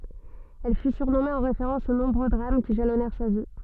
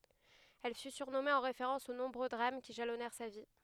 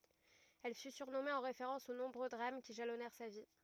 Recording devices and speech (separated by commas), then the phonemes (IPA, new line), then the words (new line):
soft in-ear microphone, headset microphone, rigid in-ear microphone, read sentence
ɛl fy syʁnɔme ɑ̃ ʁefeʁɑ̃s o nɔ̃bʁø dʁam ki ʒalɔnɛʁ sa vi
Elle fut surnommée en référence aux nombreux drames qui jalonnèrent sa vie.